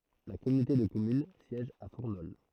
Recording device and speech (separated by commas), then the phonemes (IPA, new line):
throat microphone, read sentence
la kɔmynote də kɔmyn sjɛʒ a fuʁnɔl